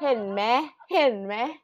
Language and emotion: Thai, happy